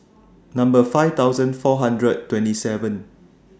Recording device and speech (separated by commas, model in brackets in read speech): standing microphone (AKG C214), read sentence